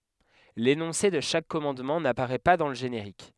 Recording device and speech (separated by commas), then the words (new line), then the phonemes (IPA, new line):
headset microphone, read sentence
L'énoncé de chaque commandement n'apparaît pas dans le générique.
lenɔ̃se də ʃak kɔmɑ̃dmɑ̃ napaʁɛ pa dɑ̃ lə ʒeneʁik